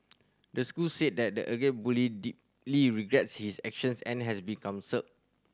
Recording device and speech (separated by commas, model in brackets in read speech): standing microphone (AKG C214), read sentence